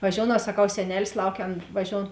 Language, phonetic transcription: Lithuanian, vaˈžiounau saˈkau seˈnelis ˈlaukia ˈan vaˈžioun

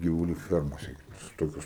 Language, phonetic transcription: Lithuanian, givuˈlių ˈfiermose gi ˈtokios

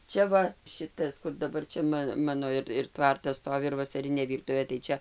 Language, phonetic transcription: Lithuanian, ˈčia va ˈšitas kur daˈbar čia ˈma ˈmano ir ir ˈtvartas ˈstovi ir vasaˈrinė ˈvyrtuvė tai ˈčia

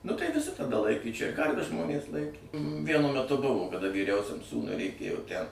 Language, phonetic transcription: Lithuanian, nu tai viˈsi taˈda ˈlaikė čia ˈkarves ˈžmonės ˈlaikė ˈvienu meˈtu ˈbuvo kaˈda vyˈriausiam ˈsūnui reiˈkėjo tæn

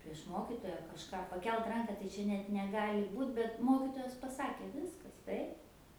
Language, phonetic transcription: Lithuanian, prieš ˈmokitoja kažˈką paˈkelt ˈranka tai ˈčia net neˈgali ˈbūt bet ˈmokitojas paˈsakė ˈviskas ˈtaip

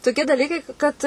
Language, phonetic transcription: Lithuanian, toˈkie daˈlykai ˈkad

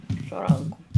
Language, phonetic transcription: Lithuanian, su ˈrankum

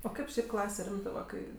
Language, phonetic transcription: Lithuanian, o ˈkaip ˈšiaip ˈklase ˈrimtɜ va ˈkai

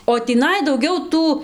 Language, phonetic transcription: Lithuanian, o tįˈnai dauˈgiau ˈtų

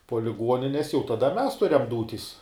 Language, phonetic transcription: Lithuanian, puo liˈguonines jau taˈda mes ˈturiam ˈdūtis

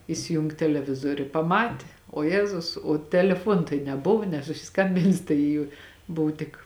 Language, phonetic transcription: Lithuanian, isiˈjung teleˈvizoriu i paˈmati o ˈjezus o teleˈfuon tai neˈbuvu nesusiˈskambinsi ˈtai ju ˈbuv tik

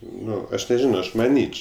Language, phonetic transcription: Lithuanian, ˈnu ˈaš neˈžino ˈaš maˈnyč

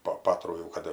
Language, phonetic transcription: Lithuanian, po ˈpatrų jau ˈkad

